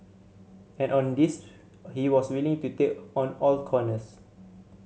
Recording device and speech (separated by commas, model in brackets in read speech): mobile phone (Samsung C7100), read sentence